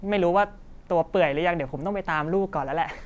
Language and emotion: Thai, happy